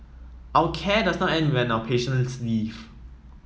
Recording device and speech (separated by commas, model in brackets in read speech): mobile phone (iPhone 7), read sentence